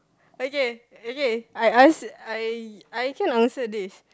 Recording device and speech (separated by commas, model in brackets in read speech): close-talking microphone, conversation in the same room